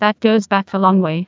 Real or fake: fake